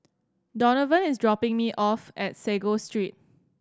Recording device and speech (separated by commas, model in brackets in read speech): standing microphone (AKG C214), read sentence